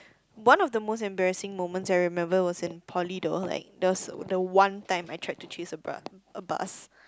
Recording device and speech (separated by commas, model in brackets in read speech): close-talking microphone, conversation in the same room